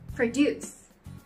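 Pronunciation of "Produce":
'Produce' is pronounced as the verb, with the stress on the second syllable.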